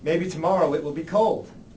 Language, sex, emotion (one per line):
English
male
neutral